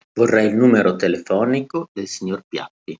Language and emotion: Italian, neutral